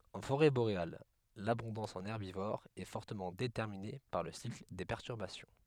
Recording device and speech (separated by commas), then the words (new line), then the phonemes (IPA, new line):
headset microphone, read sentence
En forêt boréale, l'abondance en herbivores est fortement déterminée par le cycle des perturbations.
ɑ̃ foʁɛ boʁeal labɔ̃dɑ̃s ɑ̃n ɛʁbivoʁz ɛ fɔʁtəmɑ̃ detɛʁmine paʁ lə sikl de pɛʁtyʁbasjɔ̃